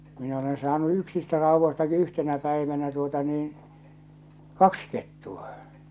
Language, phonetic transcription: Finnish, min ‿olen saanu 'yksistä rauvvostaki 'yhtenä päivänä tuota niin̬ , "kaks kettu₍a .
- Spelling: minä olen saanut yksistä raudoistakin yhtenä päivänä tuota niin kaksi kettua

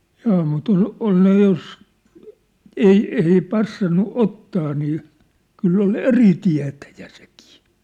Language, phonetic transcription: Finnish, 'jaa mut ‿ol , 'ol ne jos , 'ei , 'ei 'passannu 'ottaa nii , 'kyll ‿ol "eri 'tiä̭täjᴀ̈ sᴇkɪɪ !
- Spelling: jaa mutta oli oli ne jos ei ei passannut ottaa niin kyllä oli eri tietäjä sekin

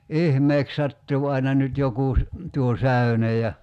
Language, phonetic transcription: Finnish, "ihmeek 'sattuu aina nyt 'jokù , 'tuo "säy̬nej ja ,.
- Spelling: ihmeeksi sattuu aina nyt joku tuo säyne ja

